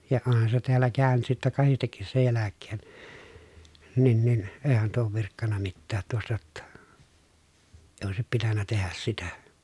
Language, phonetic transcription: Finnish, ja onhan se teällä kä̀y̬nyt sittä kahistekkis sej jäläkkeen , nin nin , eehän tuo oov virkkanna mittäät tuostᵃ ʲotta , eⁱ òesip pitännä tehäs sitä .
- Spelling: ja onhan se täällä käynyt sitten kahdestikin sen jälkeen niin niin eihän tuo ole virkkanut mitään tuosta jotta ei olisi pitänyt tehdä sitä

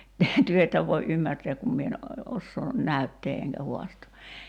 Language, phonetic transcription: Finnish, 'työ että voi '’ymmärtɛäk kum mie en , 'ossoo , "näyttee eŋkä 'huastoo .
- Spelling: te ette voi ymmärtää kun minä en osaa näyttää enkä haastaa

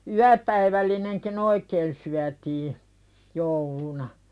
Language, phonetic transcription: Finnish, yäpäivällineŋki'n ‿oikeen syätii , jouluna .
- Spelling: yöpäivällinenkin oikein syötiin jouluna

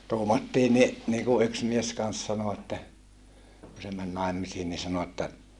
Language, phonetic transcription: Finnish, tuumattii ni , niiku yks mies kans sano että , ku se män nàemmisiin ni sano että ,.
- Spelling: tuumattiin niin niin kuin yksi mies kanssa sanoi että kun se meni naimisiin niin sanoi että

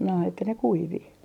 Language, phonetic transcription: Finnish, no että ne 'kuivi .
- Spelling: no että ne kuivui

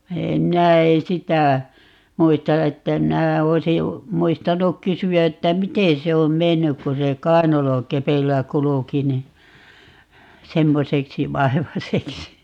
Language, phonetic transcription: Finnish, 'minä eè "sitä , 'muista 'että 'minä , 'oisi , 'muistanuk "kysy₍ä että "miten se om "mennyk ku se "kai̮nalokepeillä 'kuluki ni , 'semmoseksi "vaevaseksi .
- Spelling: minä en sitä muista että minä olisin muistanut kysyä että miten se on mennyt kun se kainalokepeillä kulki niin semmoiseksi vaivaiseksi

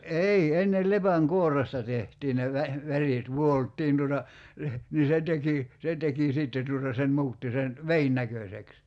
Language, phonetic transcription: Finnish, 'ei , 'ennel 'lepäŋ"kuorresta tehtii ne vä- , 'värìt 'vuolttiin tuota , leh- , nii 'se teki , 'se teki "sìtte tuota se 'mu̬utti sen , "vein 'näköseks .
- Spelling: ei ennen lepänkuoresta tehtiin ne - värit vuoltiin tuota - niin se teki se teki sitten tuota se muutti sen veden näköiseksi

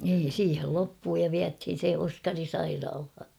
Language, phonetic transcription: Finnish, nii 'siihel loppuu ja 'viäthin̬ se "Oskari "sairaalha .
- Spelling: niin siihen loppui ja vietiin se Oskari sairaalaan

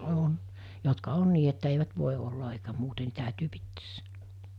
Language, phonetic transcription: Finnish, 'on , jotka 'on nii että eivät 'vòi olla eikä 'muute ni tä̀ytyy 'pittees (sielä) .
- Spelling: on jotka on niin että eivät voi olla eikä muuten niin täytyy pitää siellä

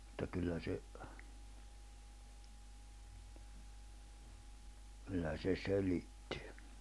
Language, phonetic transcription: Finnish, ᵐᵘtta 'kyllä 'se , kyllä se 'selittɪ .
- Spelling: mutta kyllä se kyllä se selitti

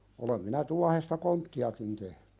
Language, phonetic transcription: Finnish, olem minä 'tuahesta "kontti₍akin tehɴʏ .
- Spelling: olen minä tuohesta konttiakin tehnyt

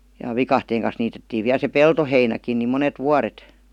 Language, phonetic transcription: Finnish, ja "vikahteeŋ kan̬s niitettiiv viäl se "peltoheinäkin ni "monet "vuaret .
- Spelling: ja viikatteen kanssa niitettiin vielä se peltoheinäkin niin monet vuodet

